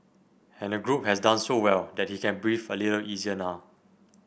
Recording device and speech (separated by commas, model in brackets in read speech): boundary microphone (BM630), read sentence